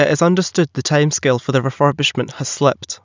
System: none